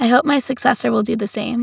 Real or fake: real